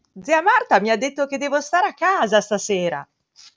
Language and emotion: Italian, happy